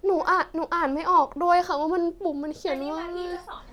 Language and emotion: Thai, sad